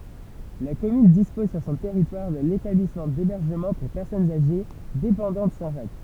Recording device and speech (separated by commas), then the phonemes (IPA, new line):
temple vibration pickup, read sentence
la kɔmyn dispɔz syʁ sɔ̃ tɛʁitwaʁ də letablismɑ̃ debɛʁʒəmɑ̃ puʁ pɛʁsɔnz aʒe depɑ̃dɑ̃t sɛ̃tʒak